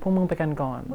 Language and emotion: Thai, sad